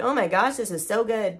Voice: mocking voice